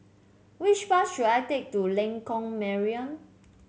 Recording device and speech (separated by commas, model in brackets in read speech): mobile phone (Samsung C7), read sentence